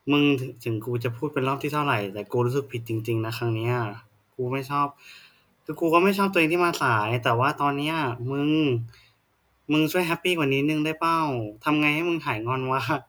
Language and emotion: Thai, frustrated